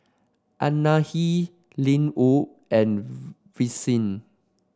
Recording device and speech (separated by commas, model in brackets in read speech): standing microphone (AKG C214), read sentence